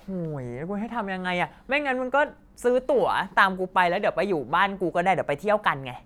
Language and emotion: Thai, frustrated